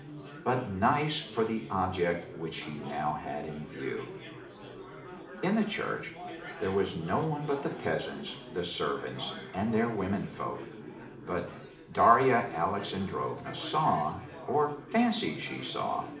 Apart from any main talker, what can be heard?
Crowd babble.